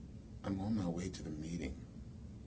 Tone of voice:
neutral